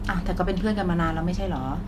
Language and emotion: Thai, neutral